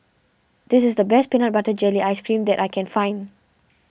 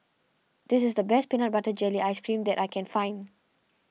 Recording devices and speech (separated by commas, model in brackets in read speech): boundary microphone (BM630), mobile phone (iPhone 6), read sentence